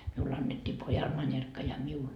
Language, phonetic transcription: Finnish, 'miull ‿annettii "pojal 'mańerkka ja miul .
- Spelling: minulle annettiin pojalle manerkka ja minulle

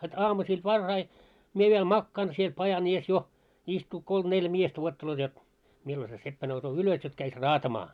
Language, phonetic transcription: Finnish, het 'aamusiil 'varrai , 'mie viel 'makkaan siel 'pajan ‿ies jo , istuu kolm 'neljä 'miestä wuotteloot jot , 'millo se 'seppä nousoo "ylos jot käis "raatamaa .
- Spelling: heti aamusella varhain minä vielä makaan siellä pajan edessä jo istuu kolme neljä miestä odottelevat jotta milloin se seppä nousee ylös jotta kävisi raatamaan

